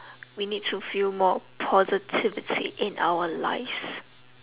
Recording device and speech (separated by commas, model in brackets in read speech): telephone, conversation in separate rooms